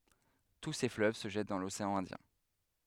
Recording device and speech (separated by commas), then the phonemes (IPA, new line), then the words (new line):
headset microphone, read sentence
tu se fløv sə ʒɛt dɑ̃ loseɑ̃ ɛ̃djɛ̃
Tous ces fleuves se jettent dans l'océan Indien.